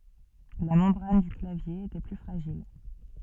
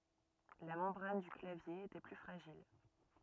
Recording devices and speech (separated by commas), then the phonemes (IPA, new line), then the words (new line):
soft in-ear microphone, rigid in-ear microphone, read sentence
la mɑ̃bʁan dy klavje etɛ ply fʁaʒil
La membrane du clavier était plus fragile.